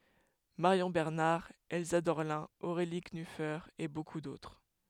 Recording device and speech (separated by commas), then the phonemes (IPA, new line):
headset microphone, read sentence
maʁjɔ̃ bɛʁnaʁ ɛlsa dɔʁlɛ̃ oʁeli knyfe e boku dotʁ